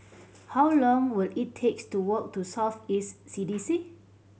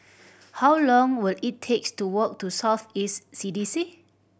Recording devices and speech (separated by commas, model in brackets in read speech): mobile phone (Samsung C7100), boundary microphone (BM630), read sentence